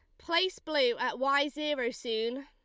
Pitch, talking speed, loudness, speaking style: 285 Hz, 160 wpm, -30 LUFS, Lombard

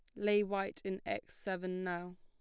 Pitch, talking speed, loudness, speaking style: 190 Hz, 180 wpm, -38 LUFS, plain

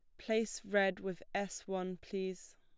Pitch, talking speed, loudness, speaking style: 195 Hz, 150 wpm, -38 LUFS, plain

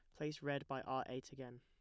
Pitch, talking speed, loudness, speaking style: 135 Hz, 255 wpm, -45 LUFS, plain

